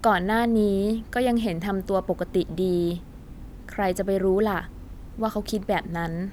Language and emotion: Thai, neutral